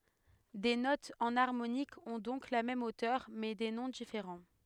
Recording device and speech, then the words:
headset microphone, read sentence
Des notes enharmoniques ont donc la même hauteur, mais des noms différents.

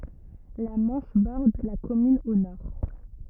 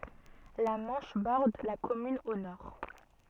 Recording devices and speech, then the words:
rigid in-ear microphone, soft in-ear microphone, read sentence
La Manche borde la commune au nord.

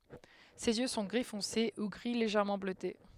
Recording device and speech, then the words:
headset microphone, read sentence
Ses yeux sont gris foncé ou gris légèrement bleuté.

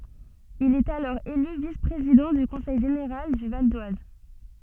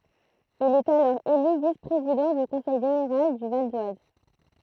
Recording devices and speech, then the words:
soft in-ear microphone, throat microphone, read sentence
Il est alors élu vice-président du conseil général du Val-d'Oise.

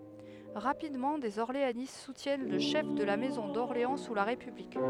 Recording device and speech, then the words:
headset microphone, read sentence
Rapidement, des orléanistes soutiennent le chef de la maison d’Orléans sous la République.

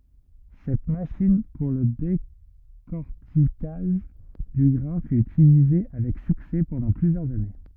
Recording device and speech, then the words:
rigid in-ear microphone, read sentence
Cette machine pour le décorticage du grain fut utilisée avec succès pendant plusieurs années.

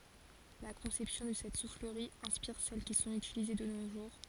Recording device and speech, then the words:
forehead accelerometer, read sentence
La conception de cette soufflerie inspire celles qui sont utilisées de nos jours.

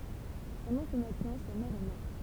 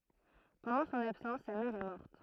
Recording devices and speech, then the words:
temple vibration pickup, throat microphone, read sentence
Pendant son absence sa mère est morte.

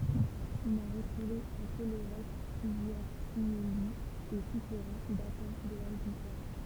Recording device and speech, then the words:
temple vibration pickup, read sentence
On a retrouvé à Collorec plusieurs tumuli et souterrains datant de l'âge du fer.

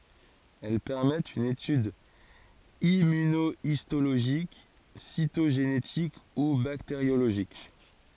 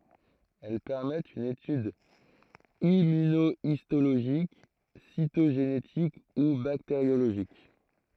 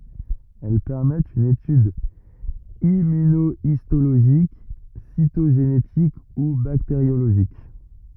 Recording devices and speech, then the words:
forehead accelerometer, throat microphone, rigid in-ear microphone, read sentence
Elles permettent une étude immunohistologique, cytogénétique ou bactériologique.

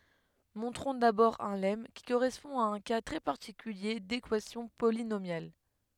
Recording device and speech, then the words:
headset microphone, read sentence
Montrons d'abord un lemme, qui correspond à un cas très particulier d'équation polynomiale.

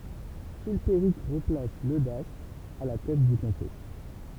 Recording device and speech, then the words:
temple vibration pickup, read sentence
Chilpéric replace Leudaste à la tête du comté.

